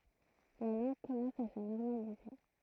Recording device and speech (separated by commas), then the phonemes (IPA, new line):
throat microphone, read sentence
la lɑ̃ɡ kɔmɑ̃s a sə nɔʁmalize